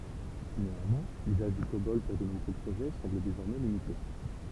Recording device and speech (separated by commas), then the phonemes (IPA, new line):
temple vibration pickup, read sentence
neɑ̃mwɛ̃ lyzaʒ dy kobɔl puʁ də nuvo pʁoʒɛ sɑ̃bl dezɔʁmɛ limite